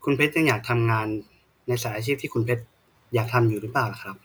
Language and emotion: Thai, neutral